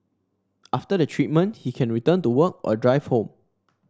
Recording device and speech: standing microphone (AKG C214), read sentence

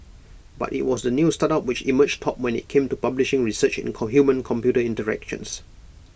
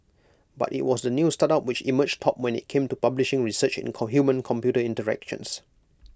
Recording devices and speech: boundary microphone (BM630), close-talking microphone (WH20), read sentence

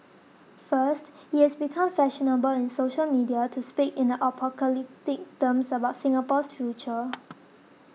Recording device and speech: mobile phone (iPhone 6), read sentence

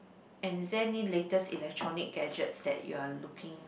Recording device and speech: boundary microphone, conversation in the same room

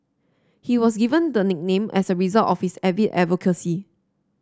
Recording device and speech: standing microphone (AKG C214), read sentence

